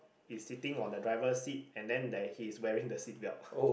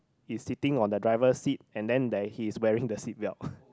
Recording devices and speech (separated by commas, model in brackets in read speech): boundary microphone, close-talking microphone, conversation in the same room